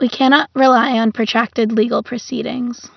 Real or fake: real